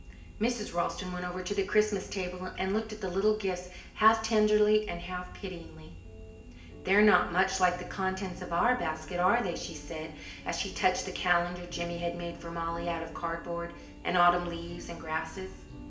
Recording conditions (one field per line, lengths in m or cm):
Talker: one person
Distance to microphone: 1.8 m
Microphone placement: close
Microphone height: 1.0 m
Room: large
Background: music